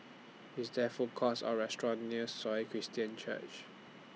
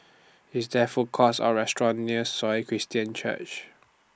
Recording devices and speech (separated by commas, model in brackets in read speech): mobile phone (iPhone 6), standing microphone (AKG C214), read sentence